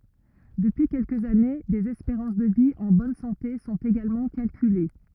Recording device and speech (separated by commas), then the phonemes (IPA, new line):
rigid in-ear microphone, read sentence
dəpyi kɛlkəz ane dez ɛspeʁɑ̃s də vi ɑ̃ bɔn sɑ̃te sɔ̃t eɡalmɑ̃ kalkyle